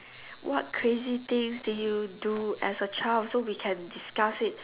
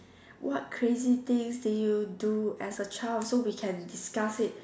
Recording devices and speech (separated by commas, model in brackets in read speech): telephone, standing microphone, conversation in separate rooms